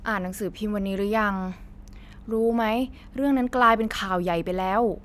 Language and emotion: Thai, frustrated